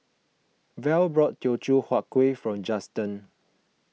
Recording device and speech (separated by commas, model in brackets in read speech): mobile phone (iPhone 6), read sentence